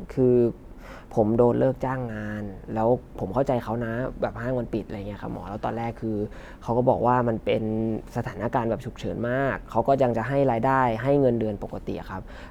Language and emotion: Thai, sad